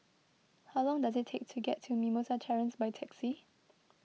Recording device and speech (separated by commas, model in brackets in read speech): mobile phone (iPhone 6), read sentence